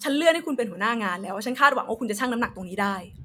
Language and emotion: Thai, angry